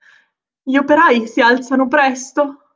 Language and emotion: Italian, fearful